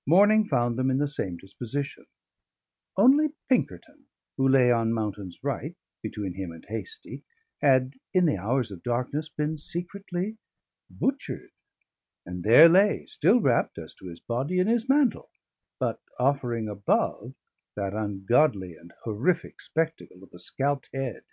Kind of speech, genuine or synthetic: genuine